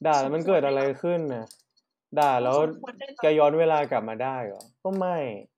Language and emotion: Thai, frustrated